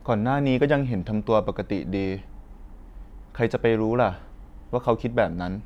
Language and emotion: Thai, neutral